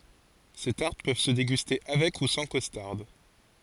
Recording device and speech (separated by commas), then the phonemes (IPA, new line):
forehead accelerometer, read sentence
se taʁt pøv sə deɡyste avɛk u sɑ̃ kɔstaʁd